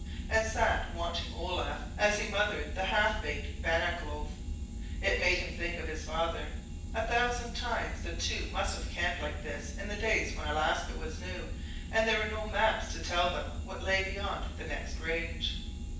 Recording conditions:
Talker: one person; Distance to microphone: 9.8 m; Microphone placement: far; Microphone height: 1.8 m; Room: large; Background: none

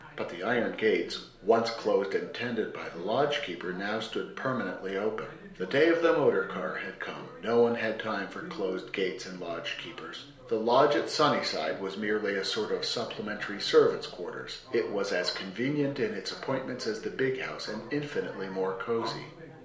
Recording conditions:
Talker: one person; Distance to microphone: 1.0 m; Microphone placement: close; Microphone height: 1.1 m; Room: small (3.7 m by 2.7 m); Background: television

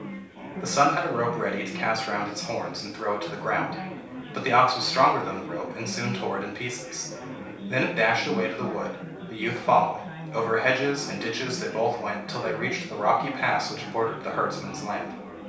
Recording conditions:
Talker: one person; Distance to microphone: 3.0 m; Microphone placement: far; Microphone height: 1.8 m; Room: small (3.7 m by 2.7 m); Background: babble

